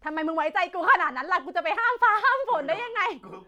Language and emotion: Thai, happy